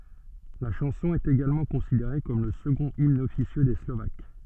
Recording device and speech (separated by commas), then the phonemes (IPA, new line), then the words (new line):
soft in-ear microphone, read sentence
la ʃɑ̃sɔ̃ ɛt eɡalmɑ̃ kɔ̃sideʁe kɔm lə səɡɔ̃t imn ɔfisjø de slovak
La chanson est également considérée comme le second hymne officieux des Slovaques.